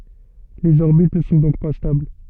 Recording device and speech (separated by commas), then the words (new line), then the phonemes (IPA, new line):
soft in-ear microphone, read sentence
Les orbites ne sont donc pas stables.
lez ɔʁbit nə sɔ̃ dɔ̃k pa stabl